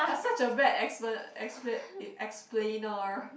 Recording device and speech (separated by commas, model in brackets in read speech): boundary microphone, conversation in the same room